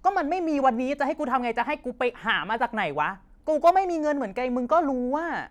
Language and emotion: Thai, angry